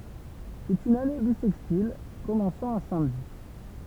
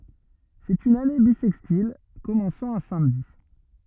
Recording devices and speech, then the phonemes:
temple vibration pickup, rigid in-ear microphone, read sentence
sɛt yn ane bisɛkstil kɔmɑ̃sɑ̃ œ̃ samdi

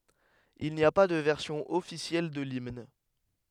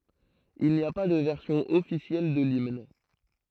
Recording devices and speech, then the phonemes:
headset microphone, throat microphone, read sentence
il ni a pa də vɛʁsjɔ̃ ɔfisjɛl də limn

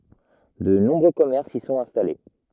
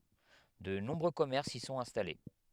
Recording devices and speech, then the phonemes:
rigid in-ear microphone, headset microphone, read sentence
də nɔ̃bʁø kɔmɛʁsz i sɔ̃t ɛ̃stale

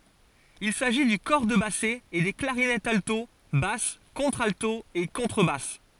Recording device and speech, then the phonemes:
forehead accelerometer, read sentence
il saʒi dy kɔʁ də basɛ e de klaʁinɛtz alto bas kɔ̃tʁalto e kɔ̃tʁəbas

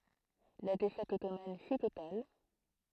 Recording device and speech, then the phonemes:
throat microphone, read sentence
la defɛt ɔtoman fy total

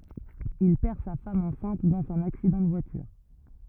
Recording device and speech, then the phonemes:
rigid in-ear microphone, read sentence
il pɛʁ sa fam ɑ̃sɛ̃t dɑ̃z œ̃n aksidɑ̃ də vwatyʁ

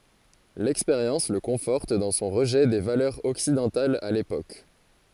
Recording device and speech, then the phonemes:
forehead accelerometer, read sentence
lɛkspeʁjɑ̃s lə kɔ̃fɔʁt dɑ̃ sɔ̃ ʁəʒɛ de valœʁz ɔksidɑ̃talz a lepok

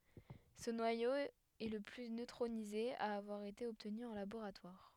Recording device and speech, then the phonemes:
headset microphone, read sentence
sə nwajo ɛ lə ply nøtʁonize a avwaʁ ete ɔbtny ɑ̃ laboʁatwaʁ

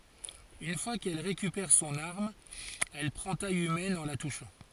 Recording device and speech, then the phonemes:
forehead accelerometer, read sentence
yn fwa kɛl ʁekypɛʁ sɔ̃n aʁm ɛl pʁɑ̃ taj ymɛn ɑ̃ la tuʃɑ̃

